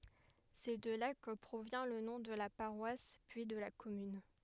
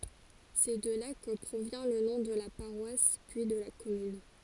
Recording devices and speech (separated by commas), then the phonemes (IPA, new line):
headset microphone, forehead accelerometer, read sentence
sɛ də la kə pʁovjɛ̃ lə nɔ̃ də la paʁwas pyi də la kɔmyn